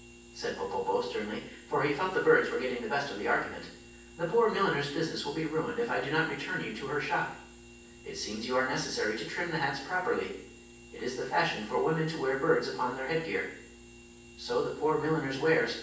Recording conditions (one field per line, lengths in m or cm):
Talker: one person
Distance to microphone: 9.8 m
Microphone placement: far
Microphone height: 1.8 m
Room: large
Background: none